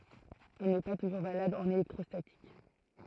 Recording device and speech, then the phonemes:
throat microphone, read sentence
ɛl nɛ pa tuʒuʁ valabl ɑ̃n elɛktʁɔstatik

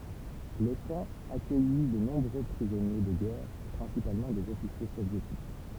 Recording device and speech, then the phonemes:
temple vibration pickup, read sentence
lə kɑ̃ akœji də nɔ̃bʁø pʁizɔnje də ɡɛʁ pʁɛ̃sipalmɑ̃ dez ɔfisje sovjetik

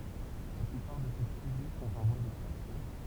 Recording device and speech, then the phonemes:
temple vibration pickup, read sentence
la plypaʁ də se tʁibys sɔ̃t ɑ̃ vwa dɛkstɛ̃ksjɔ̃

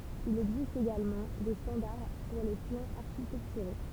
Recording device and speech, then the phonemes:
temple vibration pickup, read sentence
il ɛɡzist eɡalmɑ̃ de stɑ̃daʁ puʁ le plɑ̃z aʁʃitɛktyʁo

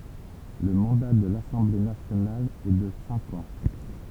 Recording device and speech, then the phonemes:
temple vibration pickup, read sentence
lə mɑ̃da də lasɑ̃ble nasjonal ɛ də sɛ̃k ɑ̃

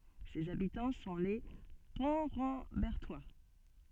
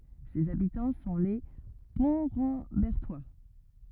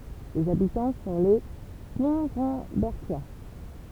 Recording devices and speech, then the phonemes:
soft in-ear microphone, rigid in-ear microphone, temple vibration pickup, read sentence
sez abitɑ̃ sɔ̃ le pɔ̃tʁɑ̃bɛʁtwa

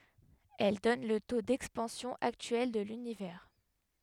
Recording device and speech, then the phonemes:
headset microphone, read sentence
ɛl dɔn lə to dɛkspɑ̃sjɔ̃ aktyɛl də lynivɛʁ

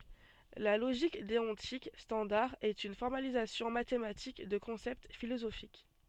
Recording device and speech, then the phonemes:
soft in-ear microphone, read sentence
la loʒik deɔ̃tik stɑ̃daʁ ɛt yn fɔʁmalizasjɔ̃ matematik də kɔ̃sɛpt filozofik

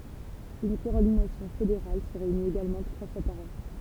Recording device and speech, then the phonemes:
temple vibration pickup, read sentence
yn kɔɔʁdinasjɔ̃ fedeʁal sə ʁeynit eɡalmɑ̃ tʁwa fwa paʁ ɑ̃

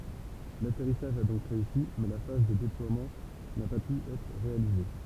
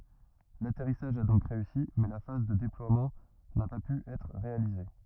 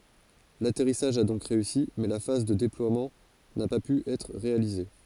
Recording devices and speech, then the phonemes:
temple vibration pickup, rigid in-ear microphone, forehead accelerometer, read sentence
latɛʁisaʒ a dɔ̃k ʁeysi mɛ la faz də deplwamɑ̃ na pa py ɛtʁ ʁealize

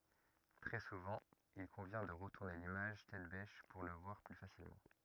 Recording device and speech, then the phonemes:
rigid in-ear microphone, read sentence
tʁɛ suvɑ̃ il kɔ̃vjɛ̃ də ʁətuʁne limaʒ tɛt bɛʃ puʁ lə vwaʁ ply fasilmɑ̃

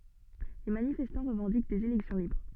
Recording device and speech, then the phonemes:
soft in-ear microphone, read sentence
le manifɛstɑ̃ ʁəvɑ̃dik dez elɛksjɔ̃ libʁ

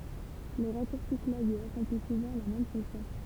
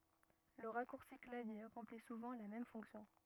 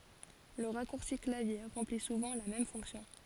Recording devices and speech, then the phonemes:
temple vibration pickup, rigid in-ear microphone, forehead accelerometer, read sentence
lə ʁakuʁsi klavje ʁɑ̃pli suvɑ̃ la mɛm fɔ̃ksjɔ̃

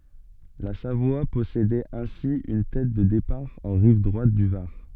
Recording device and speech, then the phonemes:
soft in-ear microphone, read sentence
la savwa pɔsedɛt ɛ̃si yn tɛt də depaʁ ɑ̃ ʁiv dʁwat dy vaʁ

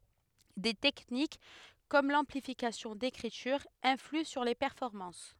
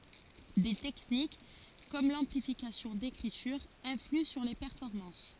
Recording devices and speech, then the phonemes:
headset microphone, forehead accelerometer, read sentence
de tɛknik kɔm lɑ̃plifikasjɔ̃ dekʁityʁ ɛ̃flyɑ̃ syʁ le pɛʁfɔʁmɑ̃s

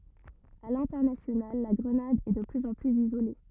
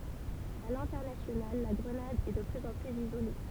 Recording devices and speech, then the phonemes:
rigid in-ear microphone, temple vibration pickup, read sentence
a lɛ̃tɛʁnasjonal la ɡʁənad ɛ də plyz ɑ̃ plyz izole

